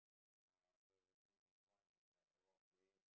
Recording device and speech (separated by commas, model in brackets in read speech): boundary microphone, conversation in the same room